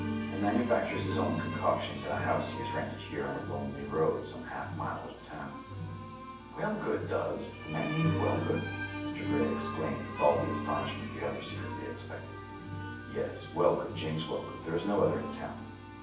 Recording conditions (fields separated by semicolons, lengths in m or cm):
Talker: one person; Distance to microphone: 9.8 m; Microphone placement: far; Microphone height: 1.8 m; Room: large; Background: music